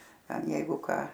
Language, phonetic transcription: Lithuanian, ˈten ˈjeigu ˈką

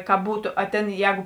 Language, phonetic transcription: Lithuanian, ka ˈbūtu a ˈtėn ˈjēgu

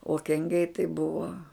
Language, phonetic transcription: Lithuanian, o kenˈgiai tai ˈbuvo

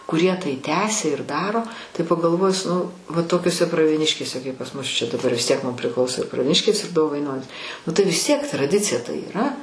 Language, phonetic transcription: Lithuanian, kuˈrie tai ˈtęsia ir ˈdaro tai pagalˈvojus nu va tokioˈse pravieˈniškėse kaip pas mus čia daˈbar vis tiek mum prˈiklauso pravieˈniškės ir dovainonys nu tai vis ˈtiek traˈdicija tai yˈra

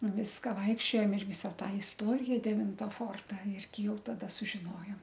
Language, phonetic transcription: Lithuanian, nu ˈviska ˈvaikščiojom ir ˈvisa ˈtą isˈtorija deˈvinta ˈforta ˈirgi ˈjau taˈda sužiˈnojom

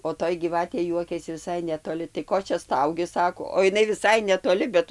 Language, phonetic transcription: Lithuanian, o ˈtoj gyˈvatė ˈjuokiasi viˈsai netoˈli tai ˈko čia ˈstaugi ˈsako o iˈnai viˈsai netoˈli bet

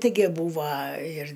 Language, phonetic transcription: Lithuanian, tiˈgi ˈbūva ir

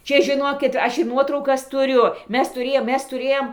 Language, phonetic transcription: Lithuanian, ˈčia žiˈnokit ˈaš ir ˈnuotraukas tuˈriu ˈmes tuˈrėjom ˈmes tuˈrėjom

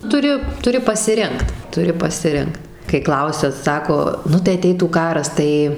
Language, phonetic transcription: Lithuanian, tuˈri tuˈri pasiˈrinkt tuˈri pasiˈrinkt kai ˈklausia ˈsako ˈnu tai aˈteitų ˈkaras ˈtai

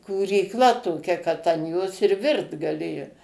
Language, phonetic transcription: Lithuanian, kūrykˈla toˈkia kad an ˈjos ir ˈvirt gaˈlėjo

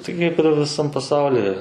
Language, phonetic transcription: Lithuanian, tai ˈkaip ir viˈsam paˈsauli

